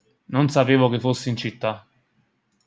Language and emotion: Italian, neutral